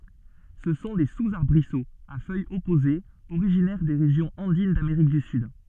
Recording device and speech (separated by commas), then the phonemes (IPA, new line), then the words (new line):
soft in-ear microphone, read sentence
sə sɔ̃ de suzaʁbʁisoz a fœjz ɔpozez oʁiʒinɛʁ de ʁeʒjɔ̃z ɑ̃din dameʁik dy syd
Ce sont des sous-arbrisseaux, à feuilles opposées originaires des régions andines d'Amérique du Sud.